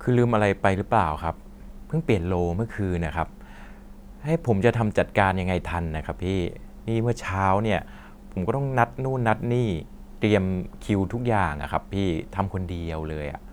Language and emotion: Thai, frustrated